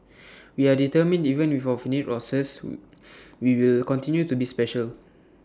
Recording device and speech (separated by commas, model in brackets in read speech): standing microphone (AKG C214), read sentence